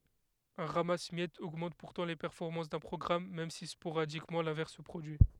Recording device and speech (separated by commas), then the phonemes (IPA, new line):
headset microphone, read sentence
œ̃ ʁamas mjɛtz oɡmɑ̃t puʁtɑ̃ le pɛʁfɔʁmɑ̃s dœ̃ pʁɔɡʁam mɛm si spoʁadikmɑ̃ lɛ̃vɛʁs sə pʁodyi